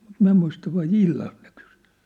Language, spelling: Finnish, mutta minä muista vai illallako ne kysyi
- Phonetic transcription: mut 'miⁿ̬ä muista vai "illalk ne kʏsʏ .

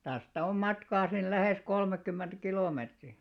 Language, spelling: Finnish, tästä on matkaa sinne lähes kolmekymmentä kilometriä
- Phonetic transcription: 'tästä om 'matkaa sin "lähès 'kolmekkymmenᴅ 'kilòmeetri .

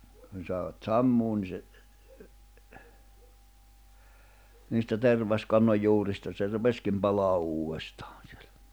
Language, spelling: Finnish, kun saivat sammumaan niin se niistä tervaskannon juurista se rupesikin palamaan uudestaan silloin
- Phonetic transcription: kun sàevat "sammuun ni se , niistä 'terv̀askannoj 'juurista se 'rupeskim palaa '’uu₍estᴀᴀɴ̬ sɪᴇʟᴀ̈ .

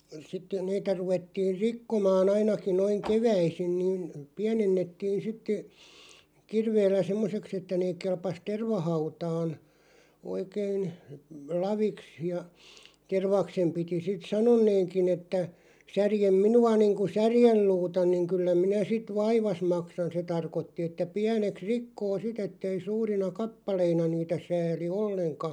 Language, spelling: Finnish, sitten niitä ruvettiin rikkomaan ainakin noin keväisin niin pienennettiin sitten kirveellä semmoiseksi että ne kelpasi tervahautaan oikein laviksi ja tervaksen piti sitten sanoneenkin että särje minua niin kuin särjenluuta niin kyllä minä sitten vaivasi maksan se tarkoitti että pieneksi rikkoo sitten että ei suurina kappaleina niitä sääli ollenkaan
- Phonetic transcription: sitte , niitä 'ruvettiir "rikkomaa'n ‿ainaki noiŋ "keväisin niin , "piänennettiin sitte , 'kirveellä "semmoseks ‿että nee 'kelpas "tervahautaan , oikein , "laviks ja , 'tervaksem piti sit "sanonneeŋkin ‿että , » 'särjem "minu₍a niiŋku "särjelluuta niŋ 'kyllä minä 'sit "vaivas 'maksan « se 'tarkotti että 'piäneks "rikkoo 'sit ‿ettei 'suurina "kappaleina niitä 'sääli "olleŋka ,.

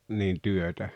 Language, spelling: Finnish, niin työtä
- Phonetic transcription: niin 'työtä ?

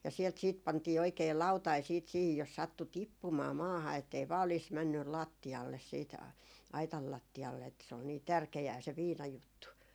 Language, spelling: Finnish, ja sieltä sitten pantiin oikein lautanen sitten siihen jos sattui tippumaan maahan että ei vain olisi mennyt lattialle sitten aitan lattialle että se oli niin tärkeää se viinajuttu
- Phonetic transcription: ja sielt siit 'pantii oikei 'lautai siit siihij jos 'sattu "tippumaa 'maaha ettei vaa oliis 'männyl "làtti₍alles siit , 'aital 'latti₍alle että se ol nii "tärke₍ää se 'viina"juttu .

